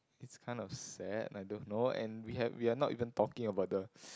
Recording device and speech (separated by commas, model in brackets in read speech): close-talking microphone, conversation in the same room